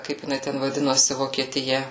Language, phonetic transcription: Lithuanian, ˈkaip jiˈnai ten vaˈdinosi vokietiˈja

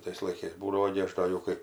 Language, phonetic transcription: Lithuanian, ˈtais laiˈkais ˈbūdavo gi ˈaš ˈdo jau ˈkai

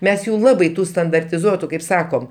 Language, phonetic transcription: Lithuanian, ˈmes ˈjų ˈlabai ˈtų standartiˈzuotu kaip ˈsakom

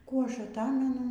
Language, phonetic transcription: Lithuanian, ˈkų ˈaš aˈtamenu

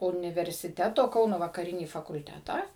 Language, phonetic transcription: Lithuanian, universiˈteto ˈkauno vakaˈrinį fakulˈtetą

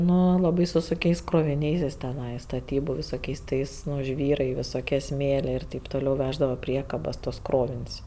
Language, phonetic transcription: Lithuanian, ˈnu laˈbai su sunˈkiais kroviˈniais jis teˈnai staˈtybu visoˈkiais ˈtais ˈnu ˈžvyrai visoˈkie ˈsmėlė ir teip toˈliau ˈveždavo ˈpriekabas tuos ˈkrovin's'

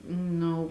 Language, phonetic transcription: Lithuanian, ˈnu

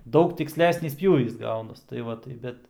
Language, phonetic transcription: Lithuanian, ˈdaug tiksˈlesnys ˈpjūvys ˈgaunas tai ˈva tai ˈbet

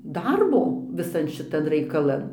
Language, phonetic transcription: Lithuanian, ˈdarbo viˈsan šiˈtan raikaˈlan

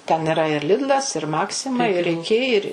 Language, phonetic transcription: Lithuanian, ten iˈra ir ˈlidlas ir ˈmaksima ir iˈki ir

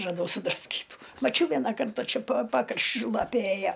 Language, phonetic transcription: Lithuanian, raˈdau sudrasˈkytų maˈčiau ˈviena ˈkarta ˈčia pa ˈpakraščiu ˈlapė ˈėja

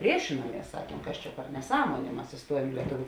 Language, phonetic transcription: Lithuanian, ˈpriešinuomies ˈsakiem ˈkas čia per neˈsąmonė ˈmas iˈstuojuom į lieˈtuviu

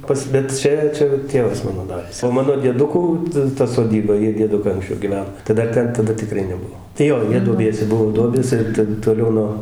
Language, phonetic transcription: Lithuanian, ˈpas bet ˈčia ˈčia ˈtėvas ˈmano ˈdaręs o ˈmano dieˈdukų ta ta soˈdyba ˈjie dieˈdukai anksˈčiau giˈven tai dar ˈten taˈda tiˈkrai neˈbuo tai ˈjo ˈjie duoˈbiese ˈbuo ˈduobės ˈir ten toˈliau no

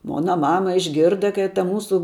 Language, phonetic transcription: Lithuanian, ˈmona ˈmama išˈgirda kai ta ˈmūsu

